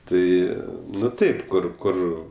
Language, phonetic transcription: Lithuanian, ˈtai ˈnu ˈtaip ˈkur ˈkur

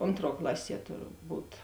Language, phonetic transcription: Lithuanian, ˈontˌruo ˈklaˌsie turˈbūt

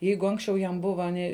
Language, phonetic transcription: Lithuanian, ˈjeigu ˈanksčiau jam ˈbuva ˈni

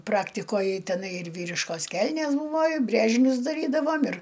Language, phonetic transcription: Lithuanian, ˈpraktikoj teˈnai ir ˈvyriškos ˈkelnės ˈbūvo i ˈbrėžinius daˈrydavom ir

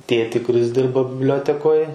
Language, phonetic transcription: Lithuanian, ˈtėtį kuˈris ˈdirba bibˈliotekoj

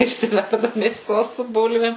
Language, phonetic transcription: Lithuanian, išsiˈverda mėˈsos su ˈbulvėm

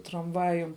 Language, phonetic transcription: Lithuanian, tramˈvajum

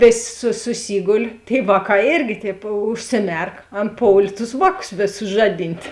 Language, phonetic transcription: Lithuanian, ˈvės' su suˈsygol' tėi ˈvāˌkā ˈėrgi tēp užsiˈmerk ˈan ˈpoulė tus ˈvāˌkus ˈvėˌsus ˈžaˌdint'

